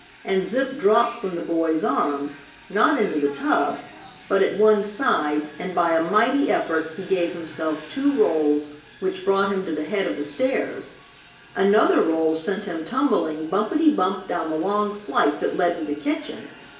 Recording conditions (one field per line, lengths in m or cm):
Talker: one person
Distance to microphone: 1.8 m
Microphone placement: close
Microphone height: 1.0 m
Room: large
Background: television